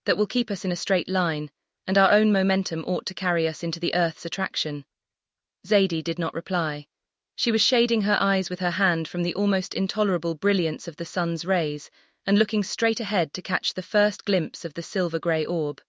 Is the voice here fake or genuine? fake